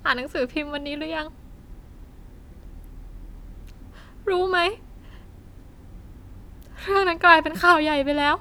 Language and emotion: Thai, sad